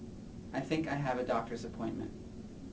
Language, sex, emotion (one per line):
English
male
neutral